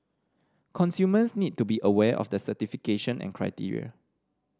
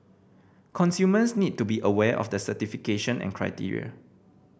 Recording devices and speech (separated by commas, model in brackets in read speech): standing microphone (AKG C214), boundary microphone (BM630), read sentence